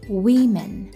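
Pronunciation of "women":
'Women' is pronounced correctly here, not like 'woman'.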